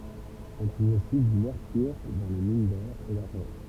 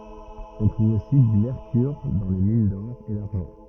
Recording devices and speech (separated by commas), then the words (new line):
temple vibration pickup, rigid in-ear microphone, read sentence
On trouve aussi du mercure dans les mines d'or et d'argent.